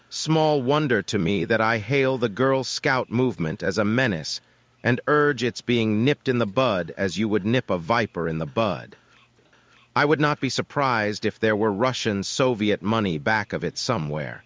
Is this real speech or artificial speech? artificial